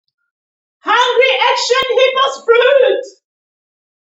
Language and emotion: English, happy